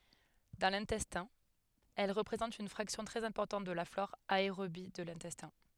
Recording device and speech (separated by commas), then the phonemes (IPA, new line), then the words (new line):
headset microphone, read sentence
dɑ̃ lɛ̃tɛstɛ̃ ɛl ʁəpʁezɑ̃tt yn fʁaksjɔ̃ tʁɛz ɛ̃pɔʁtɑ̃t də la flɔʁ aeʁobi də lɛ̃tɛstɛ̃
Dans l'intestin, elles représentent une fraction très importante de la flore aérobie de l'intestin.